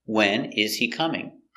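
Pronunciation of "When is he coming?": In 'When is he coming?' the words are not linked together, and this is not the way the question is normally said.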